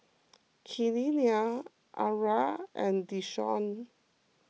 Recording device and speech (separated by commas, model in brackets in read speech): mobile phone (iPhone 6), read sentence